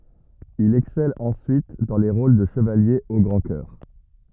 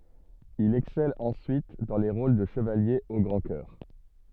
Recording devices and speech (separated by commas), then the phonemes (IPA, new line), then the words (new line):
rigid in-ear microphone, soft in-ear microphone, read sentence
il ɛksɛl ɑ̃syit dɑ̃ le ʁol də ʃəvalje o ɡʁɑ̃ kœʁ
Il excelle ensuite dans les rôles de chevalier au grand cœur.